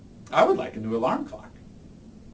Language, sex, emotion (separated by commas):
English, male, neutral